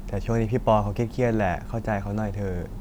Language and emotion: Thai, frustrated